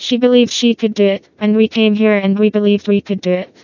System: TTS, vocoder